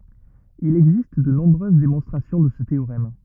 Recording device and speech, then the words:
rigid in-ear microphone, read sentence
Il existe de nombreuses démonstrations de ce théorème.

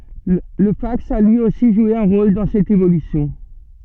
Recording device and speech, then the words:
soft in-ear microphone, read sentence
Le fax a lui aussi joué un rôle dans cette évolution.

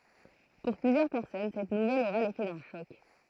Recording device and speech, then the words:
throat microphone, read sentence
Pour plusieurs personnes, cette nouvelle aura l’effet d’un choc.

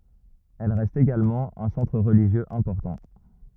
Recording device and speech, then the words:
rigid in-ear microphone, read sentence
Elle reste également un centre religieux important.

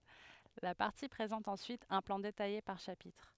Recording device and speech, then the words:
headset microphone, read sentence
La partie présente ensuite un plan détaillé par chapitre.

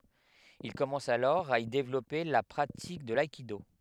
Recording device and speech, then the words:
headset microphone, read sentence
Il commence alors à y développer la pratique de l'aïkido.

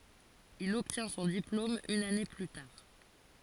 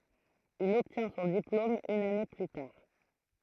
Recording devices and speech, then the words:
forehead accelerometer, throat microphone, read sentence
Il obtient son diplôme une année plus tard.

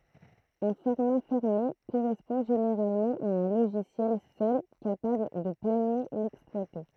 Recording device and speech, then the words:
throat microphone, read sentence
Un format fermé correspond généralement à un logiciel seul capable de pleinement l'exploiter.

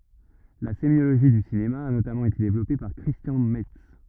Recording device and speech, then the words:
rigid in-ear microphone, read sentence
La sémiologie du cinéma a notamment été développée par Christian Metz.

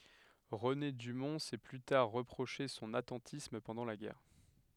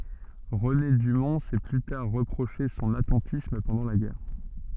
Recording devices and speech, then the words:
headset microphone, soft in-ear microphone, read sentence
René Dumont s'est plus tard reproché son attentisme pendant la guerre.

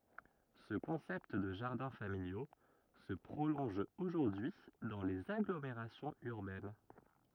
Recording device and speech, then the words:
rigid in-ear microphone, read sentence
Ce concept de jardins familiaux se prolonge aujourd'hui dans les agglomérations urbaines.

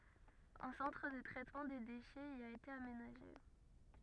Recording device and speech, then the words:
rigid in-ear microphone, read sentence
Un centre de traitement des déchets y a été aménagé.

